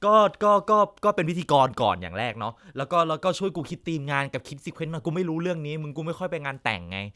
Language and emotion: Thai, neutral